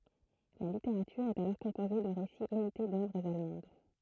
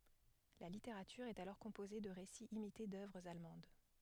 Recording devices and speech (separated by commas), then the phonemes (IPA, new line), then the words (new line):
throat microphone, headset microphone, read sentence
la liteʁatyʁ ɛt alɔʁ kɔ̃poze də ʁesiz imite dœvʁz almɑ̃d
La littérature est alors composée de récits imités d’œuvres allemandes.